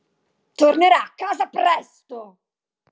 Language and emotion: Italian, angry